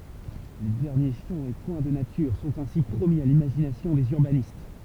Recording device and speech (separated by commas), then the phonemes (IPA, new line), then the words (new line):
temple vibration pickup, read sentence
le dɛʁnje ʃɑ̃ e kwɛ̃ də natyʁ sɔ̃t ɛ̃si pʁomi a limaʒinasjɔ̃ dez yʁbanist
Les derniers champs et coins de nature sont ainsi promis à l'imagination des urbanistes.